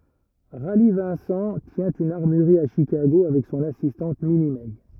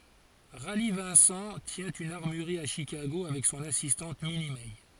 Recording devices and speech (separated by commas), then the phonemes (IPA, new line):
rigid in-ear microphone, forehead accelerometer, read sentence
ʁali vɛ̃sɑ̃ tjɛ̃ yn aʁmyʁʁi a ʃikaɡo avɛk sɔ̃n asistɑ̃t mini mɛ